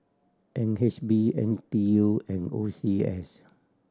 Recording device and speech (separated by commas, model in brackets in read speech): standing microphone (AKG C214), read sentence